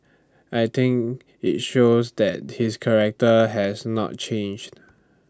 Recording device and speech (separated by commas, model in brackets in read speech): standing microphone (AKG C214), read sentence